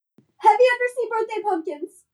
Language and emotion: English, fearful